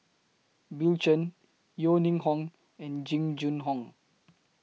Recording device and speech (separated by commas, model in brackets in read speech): mobile phone (iPhone 6), read sentence